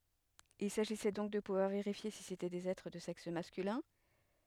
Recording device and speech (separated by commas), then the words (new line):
headset microphone, read sentence
Il s'agissait donc de pouvoir vérifier si c'étaient des êtres de sexe masculin.